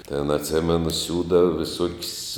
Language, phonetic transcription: Lithuanian, tėn atˈsėmenu ˈsiūdava viˈsuok's'

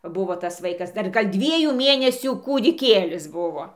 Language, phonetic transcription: Lithuanian, ˈbuvo tas ˈvaikas dar ˈgal' ˈdviejų ˈmėnesių kūdiˈkėlis ˈbuvo

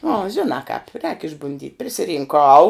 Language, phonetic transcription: Lithuanian, nu a ˈžinā kāp rēk išbunˈdyt' prisirinˈkau

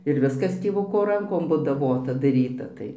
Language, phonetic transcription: Lithuanian, ir ˈviskas tėˈvuko ˈrankom budaˈvota daˈryta ˈtai

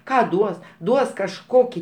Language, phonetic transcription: Lithuanian, ˈką ˈduos ˈduos kažˈkokį

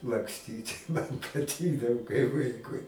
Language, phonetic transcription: Lithuanian, lakˈstyt' man paˈtikdavo kai ˈvaikui

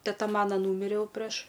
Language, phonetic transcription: Lithuanian, teˈta ˈmana ˈnūmirė ˈjau preš

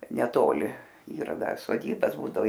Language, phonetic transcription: Lithuanian, neˈtoli ˈyra ˈdar soˈdybas ˈbūdavo

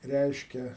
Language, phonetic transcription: Lithuanian, ˈreiškia

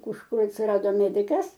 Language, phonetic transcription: Lithuanian, kužˈkur atsiˈrado ˈmedikas

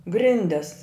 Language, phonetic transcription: Lithuanian, ˈgrindes

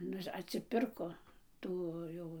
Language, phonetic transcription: Lithuanian, ˈnu atsiˈpirko ˈtų ˈjau

